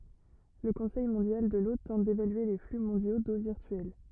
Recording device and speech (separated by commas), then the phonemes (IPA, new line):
rigid in-ear microphone, read sentence
lə kɔ̃sɛj mɔ̃djal də lo tɑ̃t devalye le fly mɔ̃djo do viʁtyɛl